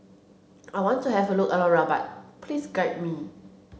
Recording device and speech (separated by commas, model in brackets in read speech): mobile phone (Samsung C7), read sentence